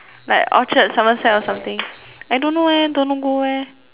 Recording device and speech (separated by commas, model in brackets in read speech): telephone, conversation in separate rooms